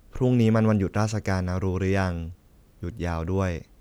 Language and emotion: Thai, neutral